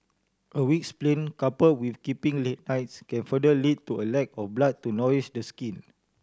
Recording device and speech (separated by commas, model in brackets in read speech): standing microphone (AKG C214), read sentence